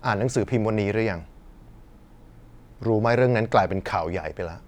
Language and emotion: Thai, frustrated